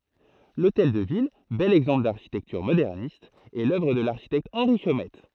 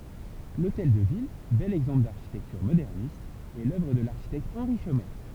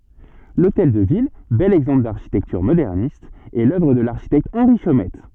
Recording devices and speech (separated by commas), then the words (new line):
throat microphone, temple vibration pickup, soft in-ear microphone, read sentence
L'hôtel de ville, bel exemple d'architecture moderniste, est l'œuvre de l'architecte Henri Chomette.